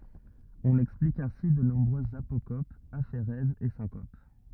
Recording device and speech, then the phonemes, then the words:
rigid in-ear microphone, read sentence
ɔ̃n ɛksplik ɛ̃si də nɔ̃bʁøzz apokopz afeʁɛzz e sɛ̃kop
On explique ainsi de nombreuses apocopes, aphérèses et syncopes.

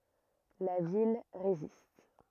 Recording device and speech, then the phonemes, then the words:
rigid in-ear microphone, read sentence
la vil ʁezist
La ville résiste.

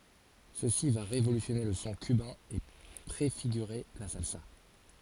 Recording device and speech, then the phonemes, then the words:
forehead accelerometer, read sentence
səsi va ʁevolysjɔne lə sɔ̃ kybɛ̃ e pʁefiɡyʁe la salsa
Ceci va révolutionner le son cubain et préfigurer la salsa.

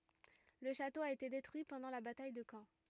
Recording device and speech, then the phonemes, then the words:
rigid in-ear microphone, read sentence
lə ʃato a ete detʁyi pɑ̃dɑ̃ la bataj də kɑ̃
Le château a été détruit pendant la bataille de Caen.

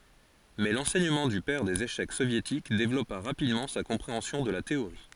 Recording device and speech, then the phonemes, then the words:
forehead accelerometer, read sentence
mɛ lɑ̃sɛɲəmɑ̃ dy pɛʁ dez eʃɛk sovjetik devlɔpa ʁapidmɑ̃ sa kɔ̃pʁeɑ̃sjɔ̃ də la teoʁi
Mais l'enseignement du père des échecs soviétiques développa rapidement sa compréhension de la théorie.

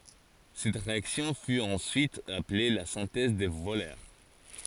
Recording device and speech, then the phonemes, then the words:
forehead accelerometer, read sentence
sɛt ʁeaksjɔ̃ fy ɑ̃syit aple la sɛ̃tɛz də vølœʁ
Cette réaction fut ensuite appelée la synthèse de Wöhler.

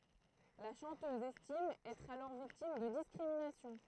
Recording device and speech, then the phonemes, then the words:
throat microphone, read sentence
la ʃɑ̃tøz ɛstim ɛtʁ alɔʁ viktim də diskʁiminasjɔ̃
La chanteuse estime être alors victime de discriminations.

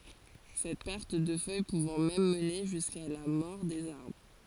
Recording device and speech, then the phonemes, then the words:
forehead accelerometer, read sentence
sɛt pɛʁt də fœj puvɑ̃ mɛm məne ʒyska la mɔʁ dez aʁbʁ
Cette perte de feuille pouvant même mener jusqu'à la mort des arbres.

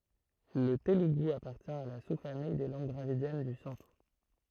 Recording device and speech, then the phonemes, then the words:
throat microphone, read sentence
lə teluɡu apaʁtjɛ̃ a la su famij de lɑ̃ɡ dʁavidjɛn dy sɑ̃tʁ
Le télougou appartient à la sous-famille des langues dravidiennes du centre.

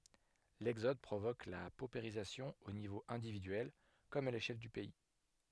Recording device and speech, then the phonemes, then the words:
headset microphone, read sentence
lɛɡzɔd pʁovok la popeʁizasjɔ̃ o nivo ɛ̃dividyɛl kɔm a leʃɛl dy pɛi
L'exode provoque la paupérisation au niveau individuel, comme à l'échelle du pays.

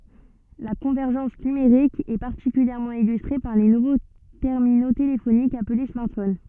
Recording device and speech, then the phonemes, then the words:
soft in-ear microphone, read sentence
la kɔ̃vɛʁʒɑ̃s nymeʁik ɛ paʁtikyljɛʁmɑ̃ ilystʁe paʁ le nuvo tɛʁmino telefonikz aple smaʁtfon
La convergence numérique est particulièrement illustrée par les nouveaux terminaux téléphoniques appelés smartphones.

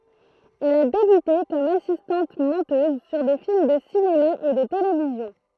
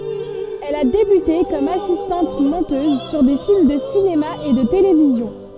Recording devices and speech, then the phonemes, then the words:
throat microphone, soft in-ear microphone, read sentence
ɛl a debyte kɔm asistɑ̃t mɔ̃tøz syʁ de film də sinema e də televizjɔ̃
Elle a débuté comme assistante-monteuse sur des films de cinéma et de télévision.

